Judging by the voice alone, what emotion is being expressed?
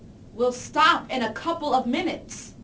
angry